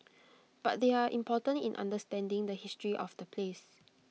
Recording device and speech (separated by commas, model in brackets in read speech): mobile phone (iPhone 6), read sentence